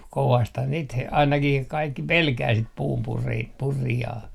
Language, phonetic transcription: Finnish, kovasthan niit h- , 'ainakih 'kaikki "pelkää sit 'puumpuri- , '-purijaa .
- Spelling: kovastihan niitä - ainakin kaikki pelkää sitä - puunpurijaa

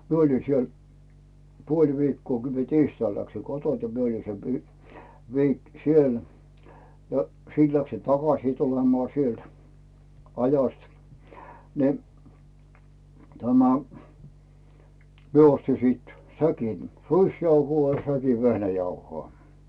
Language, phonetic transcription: Finnish, 'mie oĺi 'siel , "puoĺ 'viikkoo kə mie "tiistail läksi 'kotont ni , mie oli se viik- , siel , ja 'siit läksin "takasì 'tulemᵒà sielt , 'aja̳st , ni , tämä , 'mie osti siit , 'säkin , "ruisjauhuo ja 'säkin̬ "vehnäjauho̳a̳ .
- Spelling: minä oli siellä puoli viikkoa kun minä tiistaina läksin kotoa niin minä oli se - siellä ja sitten läksin takaisin tulemaan sieltä ajosta niin tämä minä ostin sitten säkin ruisjauhoa ja säkin vehnäjauhoa

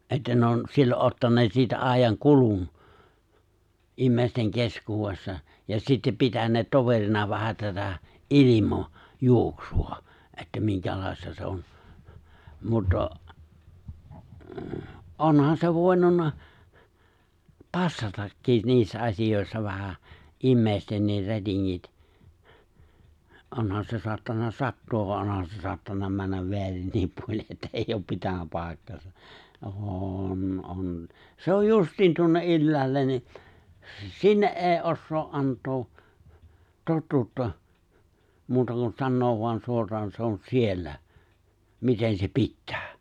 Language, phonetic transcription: Finnish, '’että ne on , 'sillo’ '’ottaǹeet siitä '’àej̆jaŋ'kulun , '’immèisteŋ 'keskuuwessa , ja sittep 'pitäǹeet 'toverina 'vähä tätä , "’ilimɔ- , 'juoksu₍a , että 'miŋkälài̬sta 'se on , 'muttɔ , '’onhan se 'vòenunna , 'passatakkì 'niissä 'asijòessa vähä , '’immèistenniir 'rätiŋŋit , '’onhan se 'soattanna 'sattu₍av van 'onhan se 'soattan̆na 'männäv "veärinniip 'puol̜i’ ’että 'eijj ‿op 'pitänä 'pàikk(aa)sa , '’ôn , 'on , 'se oj 'justiin 'tuonne’ '’ylläällen ni , s- "sinne’ ’e̬e̬ⁱ ’ossoo ’ '’ant̀oo , 'tottuutta , muuta kun 'sannoov voan 'suor̀aan se̬ on "siellä , 'miten se "pittᴀ̈ᴀ̈ !
- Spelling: että ne on silloin ottaneet siitä ajankulun ihmisten keskuudessa ja sitten pitäneet toverina vähän tätä - ilmajuoksua että minkälaista se on mutta onhan se voinut passatakin niissä asioissa vähän ihmistenkin rätingit onhan se saattanut sattua vaan onhan se saattanut mennä väärinkin puolin että ei ole pitänyt paikkaansa on on se on justiin tuonne ylhäälle niin - sinne ei osaa - antaa totuutta muuta kuin sanoa vain suoraan se on siellä miten se pitää

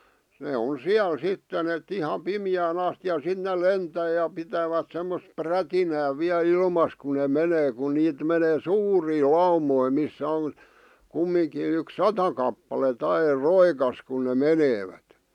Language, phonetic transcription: Finnish, 'nee on "siäl "sitten ‿et 'iha "pimⁱjään ‿asti ja 'sit nel "lentää ja 'pitävät semmos 'prätinää viäl 'ilmas kun ne 'menee ku 'niit menee "suurii "laumoi missä on , 'kummiŋkiin ‿yks "sata kappalet ‿air "roikas kun ne "meneevät .
- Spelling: ne on siellä sitten että ihan pimeään asti ja sitten ne lentää ja pitävät semmoista prätinää vielä ilmassa kun ne menee kun niitä menee suuria laumoja missä on kumminkin yksi sata kappaletta aina roikassa kun ne menevät

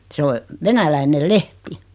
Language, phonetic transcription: Finnish, 'se o , 'venäläinel 'lehti .
- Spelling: se on venäläinen lehti

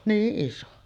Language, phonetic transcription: Finnish, "niiˀ 'ˀiso .
- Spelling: niin iso

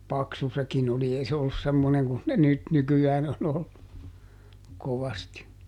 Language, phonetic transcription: Finnish, "paksu ˈsekin ‿oli ˈei se ollus ˈsemmoneŋ kun ne ˈnyt ˈnyky₍ään ‿on ‿ollu , ˈkovasti .
- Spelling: paksu sekin oli ei se ollut semmoinen kuin ne nyt nykyään on ollut kovasti

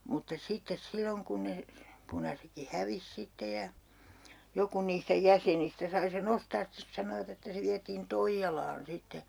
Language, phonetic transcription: Finnish, mutta 'sittes 'silloŋ kun ne , 'punasekki "hävis 'sitte ja , 'joku niistä "jäsenistä sai se'n ‿ostaas 'stes sanovat ‿että se viätiin "Toijjalaan 'sitte .
- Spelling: mutta sitten silloin kun ne punaisetkin hävisi sitten ja joku niistä jäsenistä sai sen ostaa sitten sanoivat että se vietiin Toijalaan sitten

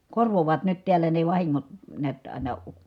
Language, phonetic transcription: Finnish, korvovaat nyt tiällä ne vahiŋŋot , neät , ài̮na ,.
- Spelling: korvaavat nyt täällä ne vahingot näet aina

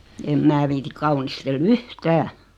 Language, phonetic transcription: Finnish, em 'mää viiti 'kaunistel "v̳yh"tää .
- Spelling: en minä viitsi kaunistella yhtään

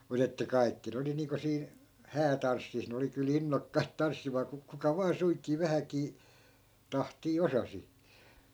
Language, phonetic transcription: Finnish, 'mut ‿että "kai̮kki ne oli niiŋko 'siin̬ , "häätanssis ne oli ky"l ‿innokkait 'tanssimaa ku- , kuka 'vaa suiŋkii 'vähäkii , 'tahtii "osasi .
- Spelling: mutta että kaikki ne oli niin kuin siinä häätanssissa ne oli kyllä innokkaita tanssimaan - kuka vain suinkin vähänkin tahtia osasi

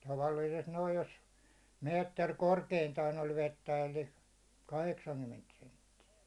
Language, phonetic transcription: Finnish, 'tavallIisest noij jos , 'meetter 'korkeintaan ‿oĺ 'vettä elli , 'kaheksaŋkymment sentti₍ä .
- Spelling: tavallisesti noin jos metri korkeintaan oli vettä eli kahdeksankymmentä senttiä

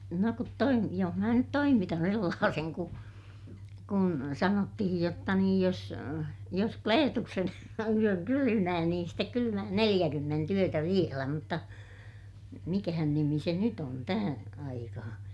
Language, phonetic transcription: Finnish, no kut toim- , joh mää nyt toimitan sellaaseŋ ku , kun sanottihij jotta niij jos , jos Kleetuksen yöŋ kylymää niin stek kylymää neliʲäkymment ‿yötä vielä mutta , mikähän nimi se nyt ‿on , tähää̰ aikahaa̰ .
- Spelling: no kun - jos minä nyt toimitan sellaisen kun kun sanottiin jotta niin jos jos Kleetuksen yön kylmää niin sitten kylmää neljäkymmentä yötä vielä mutta mikähän nimi se nyt on tähän aikaan

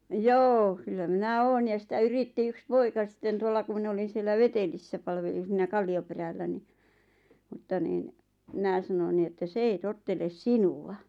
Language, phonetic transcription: Finnish, joo , kyllä 'minä "oon ja sⁱtä "yritti 'yks "poika sⁱtten 'tuolla ku min ‿olin̬ siellä "Vetelissä palvelin̬ siinä 'Kalli₍operällä ni , mᵘtta niin , 'mⁱnä̀ sanon ni että » 's ‿ei 'totteles "sinu₍a « .
- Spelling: joo kyllä minä olen ja sitä yritti yksi poika sitten tuolla kun minä olin siellä Vetelissä palvelin siinä Kallioperällä niin mutta niin minä sanoin niin että se ei tottele sinua

